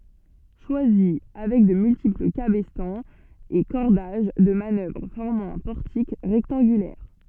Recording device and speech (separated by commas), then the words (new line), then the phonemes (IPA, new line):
soft in-ear microphone, read sentence
Choisy, avec de multiples cabestans et cordages de manœuvre formant un portique rectangulaire.
ʃwazi avɛk də myltipl kabɛstɑ̃z e kɔʁdaʒ də manœvʁ fɔʁmɑ̃ œ̃ pɔʁtik ʁɛktɑ̃ɡylɛʁ